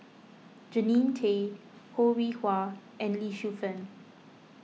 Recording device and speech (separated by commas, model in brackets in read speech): mobile phone (iPhone 6), read sentence